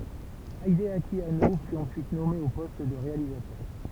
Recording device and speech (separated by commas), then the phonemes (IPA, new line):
temple vibration pickup, read sentence
ideaki ano fy ɑ̃syit nɔme o pɔst də ʁealizatœʁ